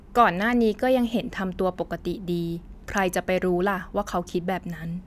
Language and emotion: Thai, neutral